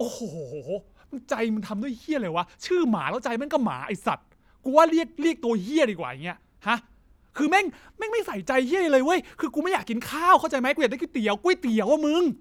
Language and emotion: Thai, angry